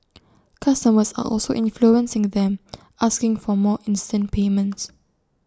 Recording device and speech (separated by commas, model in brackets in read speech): standing microphone (AKG C214), read sentence